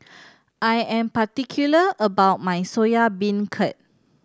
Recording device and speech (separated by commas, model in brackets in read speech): standing microphone (AKG C214), read sentence